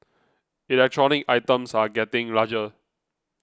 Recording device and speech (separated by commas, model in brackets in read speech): close-talking microphone (WH20), read sentence